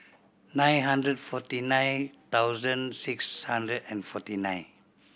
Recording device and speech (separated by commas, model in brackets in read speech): boundary microphone (BM630), read sentence